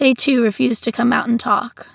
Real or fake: real